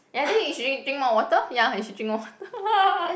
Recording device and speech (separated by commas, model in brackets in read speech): boundary microphone, conversation in the same room